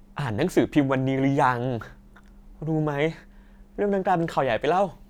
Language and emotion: Thai, happy